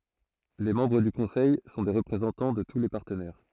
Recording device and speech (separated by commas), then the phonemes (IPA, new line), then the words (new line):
throat microphone, read sentence
le mɑ̃bʁ dy kɔ̃sɛj sɔ̃ de ʁəpʁezɑ̃tɑ̃ də tu le paʁtənɛʁ
Les membres du Conseil sont des représentants de tous les partenaires.